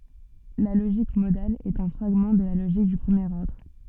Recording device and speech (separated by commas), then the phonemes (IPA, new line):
soft in-ear microphone, read sentence
la loʒik modal ɛt œ̃ fʁaɡmɑ̃ də la loʒik dy pʁəmjeʁ ɔʁdʁ